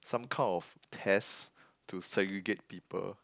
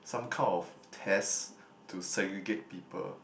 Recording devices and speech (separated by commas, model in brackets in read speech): close-talking microphone, boundary microphone, conversation in the same room